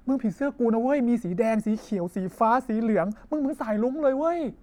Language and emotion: Thai, happy